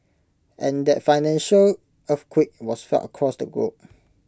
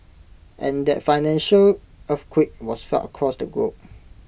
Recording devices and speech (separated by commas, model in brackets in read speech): close-talking microphone (WH20), boundary microphone (BM630), read sentence